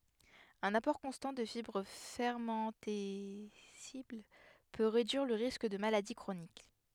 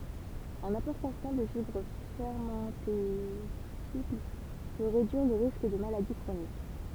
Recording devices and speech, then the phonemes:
headset microphone, temple vibration pickup, read sentence
œ̃n apɔʁ kɔ̃stɑ̃ də fibʁ fɛʁmɑ̃tɛsibl pø ʁedyiʁ lə ʁisk də maladi kʁonik

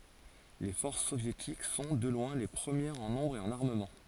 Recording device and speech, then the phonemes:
forehead accelerometer, read sentence
le fɔʁs sovjetik sɔ̃ də lwɛ̃ le pʁəmjɛʁz ɑ̃ nɔ̃bʁ e ɑ̃n aʁməmɑ̃

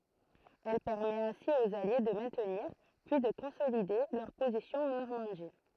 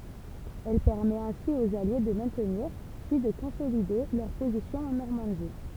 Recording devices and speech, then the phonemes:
throat microphone, temple vibration pickup, read sentence
ɛl pɛʁmɛt ɛ̃si oz alje də mɛ̃tniʁ pyi də kɔ̃solide lœʁ pozisjɔ̃z ɑ̃ nɔʁmɑ̃di

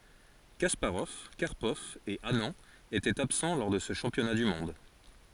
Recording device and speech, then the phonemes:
forehead accelerometer, read sentence
kaspaʁɔv kaʁpɔv e anɑ̃ etɛt absɑ̃ lɔʁ də sə ʃɑ̃pjɔna dy mɔ̃d

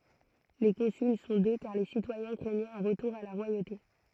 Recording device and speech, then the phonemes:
throat microphone, read sentence
le kɔ̃syl sɔ̃ dø kaʁ le sitwajɛ̃ kʁɛɲɛt œ̃ ʁətuʁ a la ʁwajote

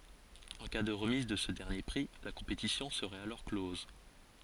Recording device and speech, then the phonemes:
forehead accelerometer, read sentence
ɑ̃ ka də ʁəmiz də sə dɛʁnje pʁi la kɔ̃petisjɔ̃ səʁɛt alɔʁ klɔz

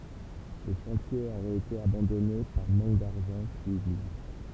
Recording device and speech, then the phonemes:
temple vibration pickup, read sentence
lə ʃɑ̃tje oʁɛt ete abɑ̃dɔne paʁ mɑ̃k daʁʒɑ̃ pyiz ublie

